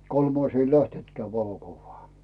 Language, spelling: Finnish, kolmas ei lähtenytkään valokuvaan
- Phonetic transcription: 'kolmais ei "lähtentkeä 'valokuvvaa .

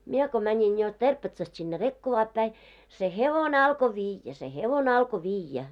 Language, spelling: Finnish, minä kun menin jo Terpetsasta sinne Rekkovaan päin se hevonen alkoi viedä se hevonen alkoi viedä
- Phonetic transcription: 'mie ko mäńiŋ jo 'Terpetsast sinne "Rekkovaap päi , se "hevone alko "viijjä se 'hevone alko 'viijjä .

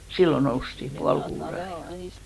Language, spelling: Finnish, silloin noustiin puoli kuuden aikaan
- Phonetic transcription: 'sillo noustim 'pual kuure aikka .

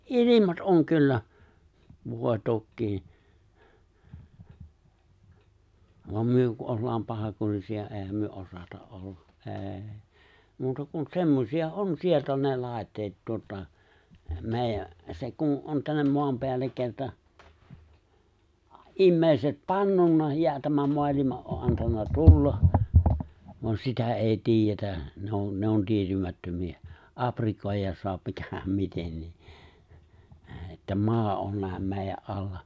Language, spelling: Finnish, ilmat on kyllä voi tokiinsa vaan me kun ollaan pahankurisia eihän me osata olla ei muuta kuin semmoisia on sieltä on ne laitteet tuota meidän se kun on tänne maan päälle kerta ihmiset pannut ja tämän maailman on - antanut tulla vaan sitä ei tiedetä ne on ne on tietymättömiä aprikoida saa mikähän mitenkin että maa on näin meidän alla
- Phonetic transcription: ’ilimat '’oŋ 'kyllä , 'vòe 'tokkii , voam 'myö ku '’ollaam 'pahakurisi₍a '’e̬e̬häm myö 'osata’ '’olla , '’e̬e̬ⁱ , 'muuta kun 'semmosi₍a '’on 'sielt ’on 'ne 'lài̬tteet tuota , 'mè̬ijä , se kun '’on tännem 'moam peällek 'kerta , '’immèiset "pannunna ja 'tämäm 'moalima’ ’o ’ '’antanna "tulla , voan 'sitä '’èi "tiijjetä , 'ne on 'ne on 'tietymättömi₍ä , '’aprikòijjas 'so̭ap 'mikähäm 'mitennii , että 'maa on ('nä̀em) 'mèijä’ '’alla .

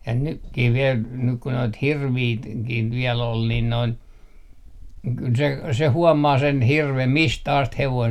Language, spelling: Finnish, ja nytkin vielä nyt kun noita hirviä - hirviäkin vielä oli niin noin kyllä se se huomaa sen hirven mistä asti hevonen
- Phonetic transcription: ja 'nykkih viel , nyk ku noit "hirvii ‿t - -kih viɛl ‿ol nin 'noin , kyl se , se 'huɔmaa sen 'hirvem "mistä 'ast 'hevoin ,.

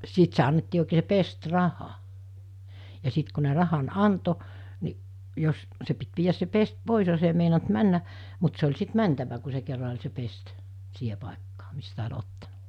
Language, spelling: Finnish, siitä se annettiin oikein se pestiraha ja sitten kun ne rahan antoi niin jos se piti viedä se pesti pois jos ei meinannut mennä mutta se oli sitten mentävä kun se kerran oli se pesti siihen paikkaan mistä oli ottanut
- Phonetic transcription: 'siit se annettii òekee (se) 'pest́raha , ja 'sìt ku ne 'rahan "anto , ni , jos , 'se pit viijäs se 'pest 'pòis jos ‿ei meinant 'männä , mut se oĺ sit 'mäntävä ku se kerra oĺ se 'pest , 'siihe pàekkaa , mistä oĺ 'ottana .

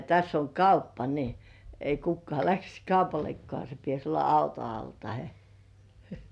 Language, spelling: Finnish, ja tässä on kauppa niin ei kukaan lähtisi kaupallekaan se pitäisi olla auto alla tai
- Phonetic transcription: (ja) täss ‿oŋ "kauppa ni , ei 'kukkŏ§à läksis "kaupallekkŏà se pies olla "auto 'al tahe .

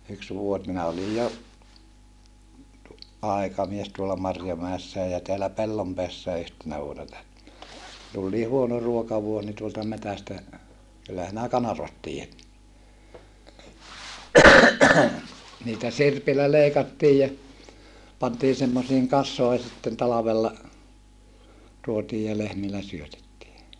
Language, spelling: Finnish, yksi vuosi minä olin jo aikamies tuolla Marjomäessäkin ja täällä Pellonpäässäkin yhtenä vuonna tuli niin huono ruokavuosi niin tuolta metsästä kyllä sinä kanervat tiedät niitä sirpillä leikattiin ja pantiin semmoisiin kasoihin sitten talvella tuotiin ja lehmillä syötettiin
- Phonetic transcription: yks vuo(s) minä olij jo , ʼài̮kamies tuola Marjomäessää ja teälä Pellompeässää yhtenä vuona - - , tul nii huono ruokavuos ni tuolta metästä , kyllä sinä kanarvat tiijät , niitä sirpillä leikattiij ja , pantii semmosiiŋ kas̆soi̮ sitten talavella , tuotiij ja lehmillä syötettii .

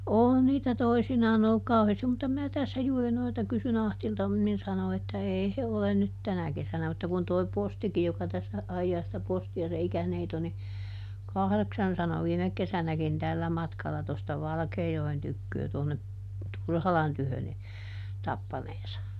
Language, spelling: Finnish, on niitä toisinaan ollut kauheasti mutta minä tässä juuri noilta kysyin Ahdilta - niin sanoi että ei he ole nyt tänä kesänä mutta kun tuo postikin joka tässä ajaa sitä postia se ikäneito niin kahdeksan sanoi viime kesänäkin tällä matkalla tuosta Valkeajoen tyköä tuonne Turhalan tykö niin tappaneensa
- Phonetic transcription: ˈòn niitä ˈtoisinaan ‿olluk ˈkauheestim mutta mää ˈtässä juuri ˈnoilta ˈkysyˈn ‿Ahtilta m̥ (nin) ˈsano että "èi he ˈolen nyt "tänä kesänä - mutta kun toi ˈpostiki joka tässä , ˈajjaa sⁱtä ˈposti₍a se ˈikäneito ni , ˈkahδeksan sano ˈviimek kesänäkin ˈtällä matkala tosta ˈValkeejoen ˈtykköö tònne , "Turhalan ˈtyhön ni , ˈtappaneesa .

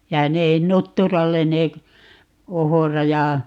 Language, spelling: Finnish, ja ne nutturalle ne - ohra ja
- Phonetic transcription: ja 'ne , "nuttural̆len ne k- , 'ohora ja ,.

